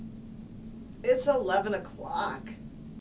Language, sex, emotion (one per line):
English
female
disgusted